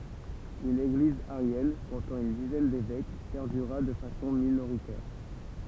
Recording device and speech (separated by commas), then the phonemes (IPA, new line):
temple vibration pickup, read sentence
yn eɡliz aʁjɛn kɔ̃tɑ̃ yn dizɛn devɛk pɛʁdyʁa də fasɔ̃ minoʁitɛʁ